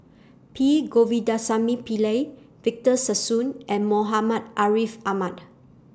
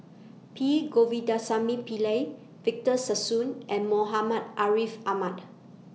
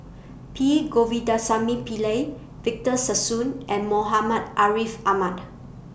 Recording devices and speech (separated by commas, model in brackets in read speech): standing microphone (AKG C214), mobile phone (iPhone 6), boundary microphone (BM630), read sentence